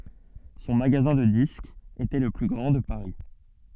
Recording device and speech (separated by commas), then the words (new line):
soft in-ear microphone, read sentence
Son magasin de disques était le plus grand de Paris.